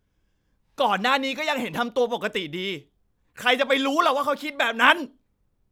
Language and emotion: Thai, angry